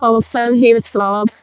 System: VC, vocoder